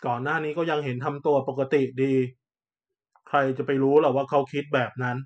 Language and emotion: Thai, neutral